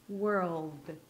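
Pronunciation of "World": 'World' sounds like 'whirl' closed with a light d at the end, and the d is very subtle.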